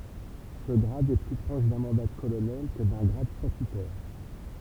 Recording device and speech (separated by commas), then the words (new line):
temple vibration pickup, read sentence
Ce grade est plus proche d'un mandat de colonel que d'un grade statutaire.